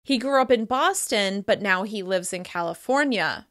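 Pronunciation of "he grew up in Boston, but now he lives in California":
'Boston' and 'California' receive similar levels of stress, and this emphasis contrasts the two places.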